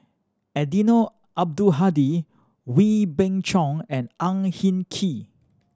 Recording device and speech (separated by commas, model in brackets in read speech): standing microphone (AKG C214), read sentence